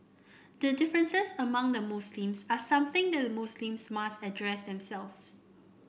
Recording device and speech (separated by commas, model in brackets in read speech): boundary microphone (BM630), read sentence